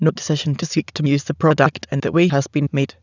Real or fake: fake